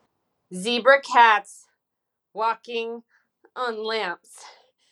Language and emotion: English, disgusted